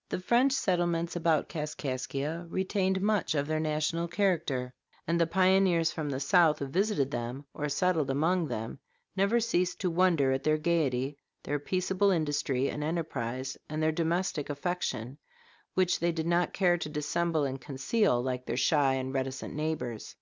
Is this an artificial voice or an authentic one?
authentic